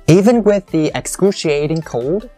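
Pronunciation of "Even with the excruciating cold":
The word 'excruciating' carries the stress in this phrase.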